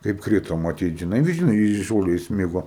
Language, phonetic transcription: Lithuanian, kaip ˈkrito maˈtyt žiˈnai ˈvis žiˈnai i ˈžole įsˈmigo

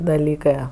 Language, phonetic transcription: Lithuanian, daˈlykɜ

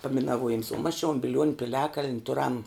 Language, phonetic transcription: Lithuanian, paminaˈvuojims o mas čia on biˈliuoniu piˈliakaln' ˈturam

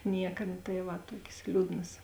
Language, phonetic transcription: Lithuanian, ˈnieka nu tai ˈva ˈtuokės ˈliūdnas

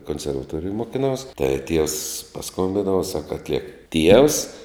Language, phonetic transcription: Lithuanian, konservaˈtuorijoj mokiˈnaus tai tievs paˈskombindau sak atˈliek ˈtievs

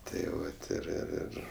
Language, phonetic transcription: Lithuanian, tai ˈvat ir ir ˈir

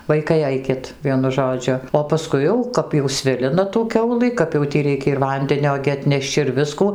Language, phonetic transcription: Lithuanian, ˈvaikai ˈaikit ˈvienu ˈžodžiu o paˈskui jau ˈkap jau ˈsvilina tų ˈkiaulɨ kap jau ˈtį ˈreikia ir ˈvandenio gi atˈneš'č' ir ˈviskų

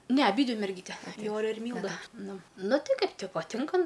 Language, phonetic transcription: Lithuanian, ne aˈbydvi merˈgyte ˈjore ir ˈmylda ˈnu ˈnu ˈti ˈkaip ti paˈtinka

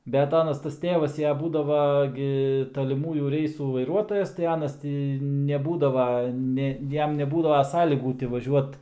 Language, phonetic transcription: Lithuanian, bet ˈanas tas ˈtėvas ja ˈbūdava ˈgi taliˈmųjų ˈreisų vaiˈruotojas tai ˈanas ˈtį neˈbūdava ˈne ˈjam neˈbūdava ˈsąlygų ti vaˈžiuot

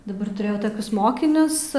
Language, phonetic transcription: Lithuanian, daˈbar tuˈrėjau toˈkius ˈmokinius

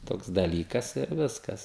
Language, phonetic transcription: Lithuanian, ˈtoks daˈlykas ir ˈviskas

